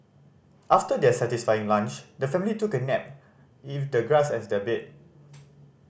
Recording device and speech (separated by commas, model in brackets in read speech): boundary microphone (BM630), read sentence